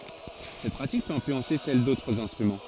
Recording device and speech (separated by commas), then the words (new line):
forehead accelerometer, read sentence
Cette pratique peut influencer celle d’autres instruments.